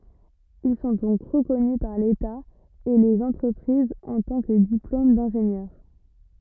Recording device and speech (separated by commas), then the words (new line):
rigid in-ear microphone, read sentence
Ils sont donc reconnus par l'État et les entreprises en tant que diplôme d'ingénieur.